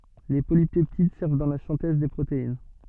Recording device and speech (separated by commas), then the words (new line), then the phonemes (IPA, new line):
soft in-ear microphone, read sentence
Les polypeptides servent dans la synthèse des protéines.
le polipɛptid sɛʁv dɑ̃ la sɛ̃tɛz de pʁotein